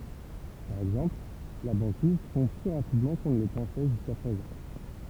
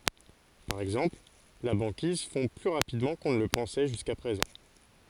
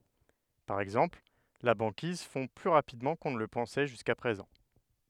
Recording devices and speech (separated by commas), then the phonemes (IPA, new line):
temple vibration pickup, forehead accelerometer, headset microphone, read sentence
paʁ ɛɡzɑ̃pl la bɑ̃kiz fɔ̃ ply ʁapidmɑ̃ kɔ̃ nə lə pɑ̃sɛ ʒyska pʁezɑ̃